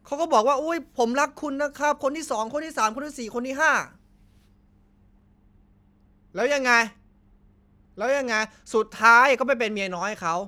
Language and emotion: Thai, frustrated